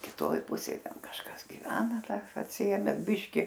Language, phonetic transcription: Lithuanian, kiˈtoj ˈpusėj ˈten kažˈkas giˈvena dar atsiˈėme ˈbiški

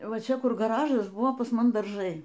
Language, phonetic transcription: Lithuanian, ˈva ˈčia ˈkur gaˈražas ˈbuvo pas ˈmum darˈžai

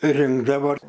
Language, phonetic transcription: Lithuanian, ˈrinkdavo

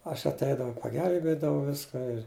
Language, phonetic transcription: Lithuanian, aš atˈeidavau paˈgelbėdavau ˈviska ir

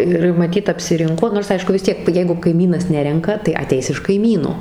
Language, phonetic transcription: Lithuanian, ˈir maˈtyt apsiˈrinko nors ˈaišku vis ˈtiek ˈjeigu kaiˈmynas ˈnerenka tai aˈteis iš kaiˈmyno

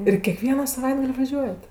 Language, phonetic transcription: Lithuanian, ir keˈkviena saˈvaitgal' vaˈžiuojat

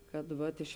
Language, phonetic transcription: Lithuanian, ˈkad ˈvat iš

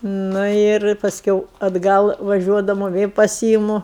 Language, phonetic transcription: Lithuanian, ˈnu ir pasˈkiau atˈgal vaˈžiuodamu ˈvė paˈsyimu

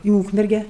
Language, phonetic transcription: Lithuanian, i ˈūkmerge

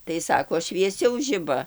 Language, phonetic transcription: Lithuanian, tai ˈsako švieˈsiau ˈžiba

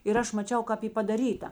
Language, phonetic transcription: Lithuanian, ir ˈaš maˈčiau kap ˈy padaˈryta

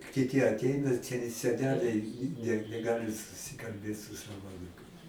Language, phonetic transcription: Lithuanian, kiˈty atˈeina seˈneliai ne neˈgali susikalˈbėt su ˈsavo aˈnūkais

